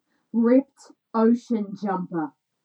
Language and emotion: English, angry